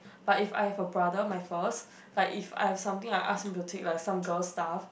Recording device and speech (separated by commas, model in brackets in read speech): boundary microphone, conversation in the same room